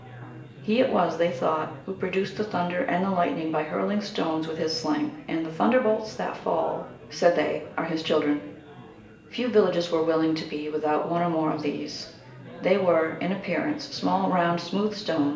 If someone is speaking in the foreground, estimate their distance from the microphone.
1.8 m.